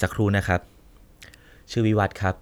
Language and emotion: Thai, neutral